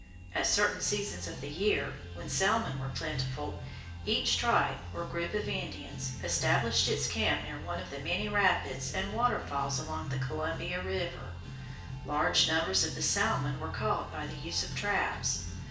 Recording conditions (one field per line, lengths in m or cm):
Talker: one person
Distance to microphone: 1.8 m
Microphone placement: close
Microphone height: 1.0 m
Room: large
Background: music